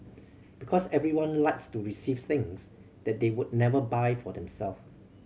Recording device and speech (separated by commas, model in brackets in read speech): mobile phone (Samsung C7100), read sentence